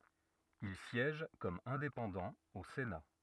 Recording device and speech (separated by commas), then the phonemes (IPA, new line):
rigid in-ear microphone, read sentence
il sjɛʒ kɔm ɛ̃depɑ̃dɑ̃ o sena